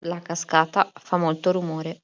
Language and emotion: Italian, neutral